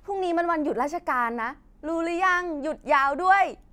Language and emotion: Thai, happy